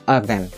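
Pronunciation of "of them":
In 'of them', the th sound is left out, and the v at the end of 'of' links straight to the m of 'them'.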